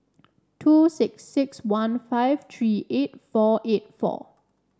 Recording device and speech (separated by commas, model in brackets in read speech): standing microphone (AKG C214), read sentence